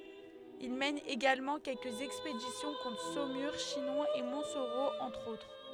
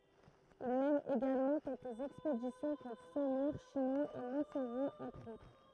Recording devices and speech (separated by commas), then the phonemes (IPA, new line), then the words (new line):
headset microphone, throat microphone, read sentence
il mɛn eɡalmɑ̃ kɛlkəz ɛkspedisjɔ̃ kɔ̃tʁ somyʁ ʃinɔ̃ e mɔ̃tsoʁo ɑ̃tʁ otʁ
Il mène également quelques expéditions contre Saumur, Chinon, et Montsoreau entre autres.